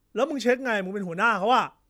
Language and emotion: Thai, angry